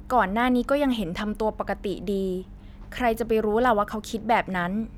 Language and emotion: Thai, neutral